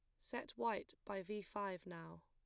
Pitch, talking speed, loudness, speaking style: 195 Hz, 175 wpm, -46 LUFS, plain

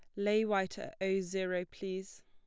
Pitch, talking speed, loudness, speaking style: 190 Hz, 175 wpm, -35 LUFS, plain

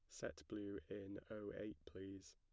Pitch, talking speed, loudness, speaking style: 100 Hz, 170 wpm, -52 LUFS, plain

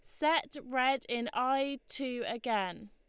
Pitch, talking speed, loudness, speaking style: 255 Hz, 135 wpm, -33 LUFS, Lombard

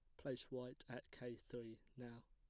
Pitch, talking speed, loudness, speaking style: 120 Hz, 170 wpm, -53 LUFS, plain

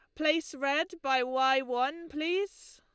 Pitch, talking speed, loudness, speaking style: 300 Hz, 140 wpm, -30 LUFS, Lombard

